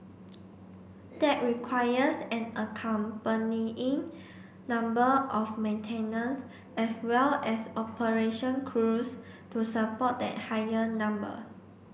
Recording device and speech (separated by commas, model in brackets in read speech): boundary microphone (BM630), read sentence